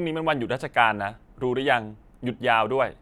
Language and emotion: Thai, neutral